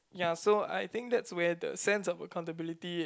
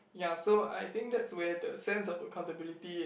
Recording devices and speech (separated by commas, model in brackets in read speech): close-talking microphone, boundary microphone, conversation in the same room